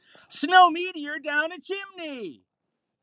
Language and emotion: English, happy